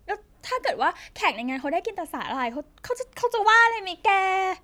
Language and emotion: Thai, happy